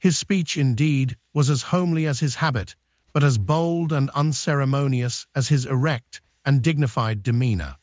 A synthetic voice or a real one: synthetic